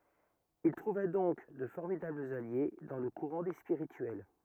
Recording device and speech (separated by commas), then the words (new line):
rigid in-ear microphone, read sentence
Il trouva donc de formidables alliés dans le courant des Spirituels.